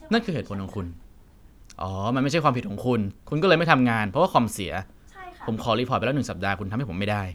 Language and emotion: Thai, frustrated